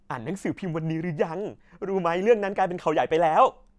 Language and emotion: Thai, happy